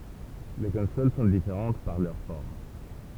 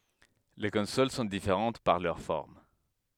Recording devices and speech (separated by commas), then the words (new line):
temple vibration pickup, headset microphone, read sentence
Les consoles sont différentes par leur forme.